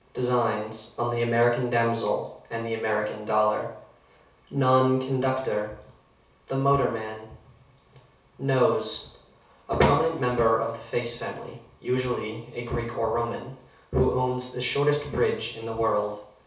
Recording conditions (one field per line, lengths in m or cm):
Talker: one person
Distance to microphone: 3.0 m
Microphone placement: far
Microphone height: 1.8 m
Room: small (3.7 m by 2.7 m)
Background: none